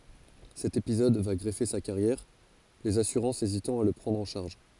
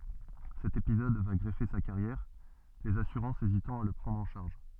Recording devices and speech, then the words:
forehead accelerometer, soft in-ear microphone, read sentence
Cet épisode va grever sa carrière, les assurances hésitant à la prendre en charge.

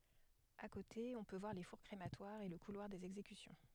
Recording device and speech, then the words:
headset microphone, read sentence
À côté, on peut voir les fours crématoires et le couloir des exécutions.

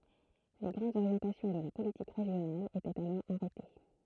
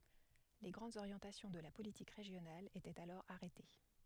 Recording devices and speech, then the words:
throat microphone, headset microphone, read sentence
Les grandes orientations de la politique régionale étaient alors arrêtées.

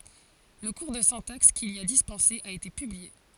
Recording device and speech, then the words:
forehead accelerometer, read sentence
Le cours de syntaxe qu'il y a dispensé a été publié.

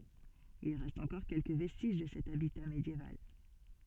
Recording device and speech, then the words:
soft in-ear microphone, read sentence
Il reste encore quelques vestiges de cet habitat médiéval.

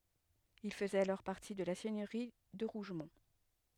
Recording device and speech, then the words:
headset microphone, read sentence
Il faisait alors partie de la seigneurie de Rougemont.

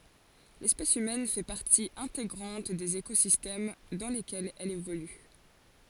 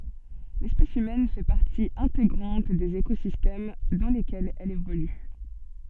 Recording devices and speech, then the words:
forehead accelerometer, soft in-ear microphone, read sentence
L'espèce humaine fait partie intégrante des écosystèmes dans lesquels elle évolue.

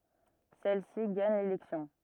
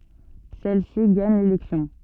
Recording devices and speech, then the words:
rigid in-ear microphone, soft in-ear microphone, read sentence
Celle-ci gagne l'élection.

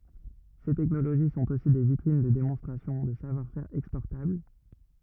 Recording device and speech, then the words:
rigid in-ear microphone, read sentence
Ces technologies sont aussi des vitrines de démonstration de savoir-faire exportables.

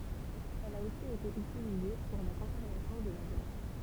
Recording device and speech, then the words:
temple vibration pickup, read sentence
Elle a aussi été utilisée pour la conservation de la viande.

